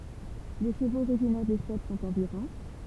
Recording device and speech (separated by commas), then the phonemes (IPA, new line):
temple vibration pickup, read sentence
le ʃəvoz oʁiʒinɛʁ de stɛp sɔ̃t ɑ̃dyʁɑ̃